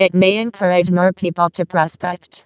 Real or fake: fake